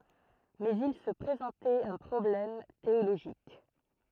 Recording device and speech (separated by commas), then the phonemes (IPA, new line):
throat microphone, read sentence
mɛz il sə pʁezɑ̃tɛt œ̃ pʁɔblɛm teoloʒik